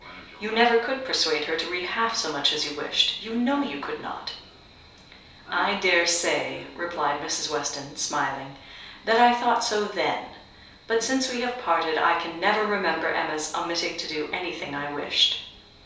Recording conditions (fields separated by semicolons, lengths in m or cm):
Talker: one person; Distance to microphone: 3.0 m; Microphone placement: far; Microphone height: 1.8 m; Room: small (3.7 m by 2.7 m); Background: television